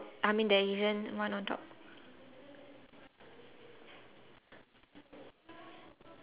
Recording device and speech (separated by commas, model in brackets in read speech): telephone, conversation in separate rooms